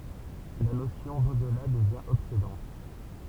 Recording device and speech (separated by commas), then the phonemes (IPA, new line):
temple vibration pickup, read sentence
la nosjɔ̃ dodla dəvjɛ̃ ɔbsedɑ̃t